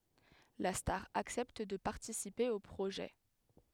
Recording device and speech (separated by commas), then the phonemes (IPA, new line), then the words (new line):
headset microphone, read sentence
la staʁ aksɛpt də paʁtisipe o pʁoʒɛ
La star accepte de participer au projet.